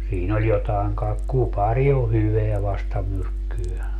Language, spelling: Finnish, siinä oli jotakin kai kupari on hyvää vastamyrkkyä
- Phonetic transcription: siin ‿oĺ 'jotaeŋ kaek - "kupaŕi o "hyveä 'vastamyrkkyö .

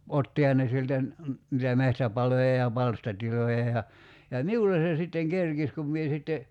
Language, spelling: Finnish, ottihan ne sieltä - niitä metsäpaloja ja palstatiloja ja ja minulle se sitten kerkisi kun minä sitten
- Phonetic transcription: 'ottiha ne sieltä ‿n- , nitä 'mehtäpaloja ja 'palstatiloja ja , ja "miulle se sitteŋ "kerkis kum mie sitte ,.

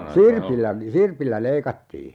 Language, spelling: Finnish, sirpillä sirpillä leikattiin
- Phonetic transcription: "sirpillä , "sirpillä 'leikattii .

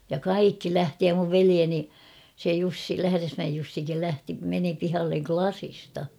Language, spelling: Finnish, ja kaikki lähti ja minun veljeni se Jussi Lähdesmäen Jussikin lähti meni pihalle lasista
- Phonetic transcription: ja "kaikki 'lähti ja muv "velieni , se 'Jussi 'Lähäresmäej Jussikil 'lähti meni 'pihalleŋ "klasista .

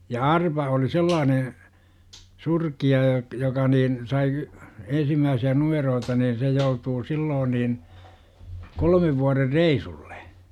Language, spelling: Finnish, ja arpa oli sellainen surkea ja joka niin sai ensimmäisiä numeroita niin se joutui silloin niin kolmen vuoden reissulle
- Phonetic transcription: ja "arpa oli 'sellaane , 'surki₍a ja , joka niin , sai , 'ensimmääsi₍ä "numeroota nin 'se joutuu "siiloon niin , 'kolmev vuårer "reisullE .

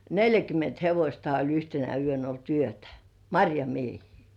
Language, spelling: Finnish, neljäkymmentä hevostakin oli yhtenä yönä ollut yötä marjamiehiä
- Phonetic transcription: neljäkym̆ment 'hevośtai oĺ yhtenä yön ‿olt "yötᴀ̈ , "maŕjamiehii .

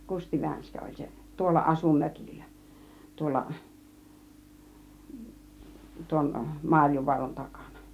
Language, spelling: Finnish, Kusti Vänskä oli se tuolla asui mökillä tuolla tuon Marjovaaran takana
- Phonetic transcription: Kusti 'Vänskä oĺ 'se , 'tuolla 'asu 'mökillä , 'tuolla , tuon 'Maŕjovuaran 'takANA .

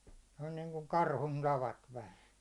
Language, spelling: Finnish, se on niin kuin karhun tavat vähän
- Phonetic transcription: se on niiŋkuŋ "karhun tavat 'vähän̬ .

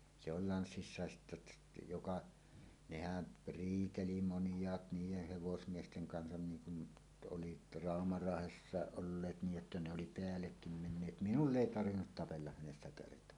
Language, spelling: Finnish, se oli lanssissa sitten että joka nehän riiteli monet niiden hevosmiesten kanssa niin kuin nyt oli Rauma-Raahessakin olleet niin että ne oli päällekin menneet minulla ei tarvinnut tapella hänessä kertaakaan
- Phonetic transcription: se ‿ol 'lanssissàes sittä ᵊttä , "joka , 'nehän , "riiteli 'monj̀aat 'niijeh "hevosmiesteŋ 'kansan 'niiŋ kun nyt 'ˀolit , 'Ràoma-Raahessàeˀ 'ˀolleet nii’ ’että ne oli "peällekkim 'menneet "minul"l ‿èi 'tarvinnut tapellaʰ hänessä 'kertoẁaa .

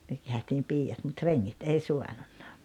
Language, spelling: Finnish, me käytiin piiat mutta rengit ei saanut
- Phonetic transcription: (myö käötiim) 'piijat mut 'reŋŋit 'ei "suanunna .

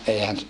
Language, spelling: Finnish, eihän
- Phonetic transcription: eihän ,.

